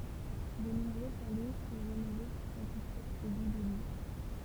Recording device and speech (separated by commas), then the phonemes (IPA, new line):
temple vibration pickup, read sentence
də nɔ̃bʁø palɛ sɔ̃ ʁenove puʁ satisfɛʁ se ɡu də lyks